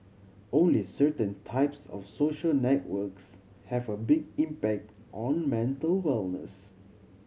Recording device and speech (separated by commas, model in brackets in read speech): mobile phone (Samsung C7100), read sentence